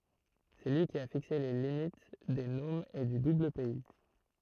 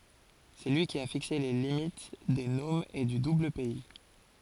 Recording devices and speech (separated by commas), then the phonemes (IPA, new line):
throat microphone, forehead accelerometer, read sentence
sɛ lyi ki a fikse le limit de nomz e dy dublpɛi